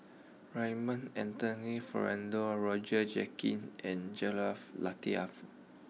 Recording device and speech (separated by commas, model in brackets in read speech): mobile phone (iPhone 6), read sentence